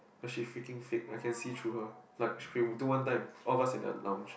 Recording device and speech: boundary microphone, conversation in the same room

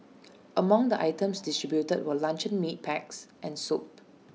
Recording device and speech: mobile phone (iPhone 6), read sentence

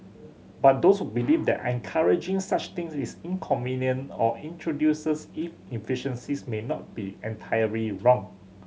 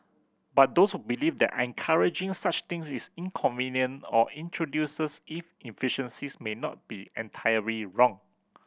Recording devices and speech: mobile phone (Samsung C7100), boundary microphone (BM630), read sentence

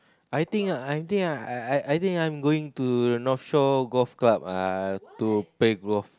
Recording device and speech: close-talking microphone, conversation in the same room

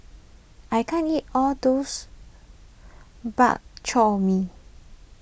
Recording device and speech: boundary microphone (BM630), read sentence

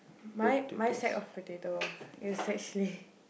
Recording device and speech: boundary microphone, conversation in the same room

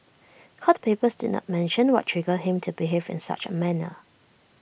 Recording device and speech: boundary microphone (BM630), read sentence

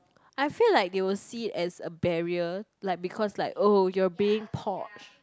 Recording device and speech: close-talking microphone, conversation in the same room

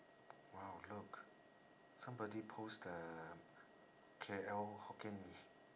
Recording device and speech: standing microphone, conversation in separate rooms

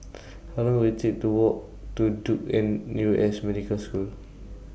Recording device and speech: boundary microphone (BM630), read sentence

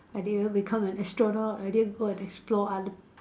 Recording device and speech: standing microphone, conversation in separate rooms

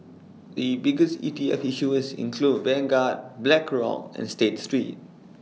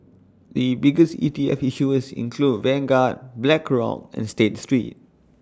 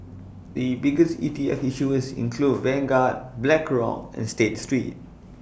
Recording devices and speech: mobile phone (iPhone 6), standing microphone (AKG C214), boundary microphone (BM630), read sentence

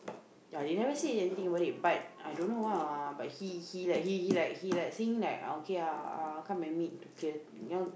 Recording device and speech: boundary microphone, conversation in the same room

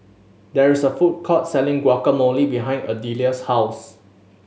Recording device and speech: mobile phone (Samsung S8), read sentence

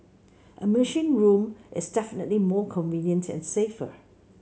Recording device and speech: mobile phone (Samsung C7), read sentence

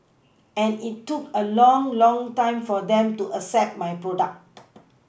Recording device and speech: boundary microphone (BM630), read sentence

